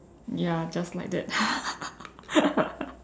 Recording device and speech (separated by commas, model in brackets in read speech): standing microphone, conversation in separate rooms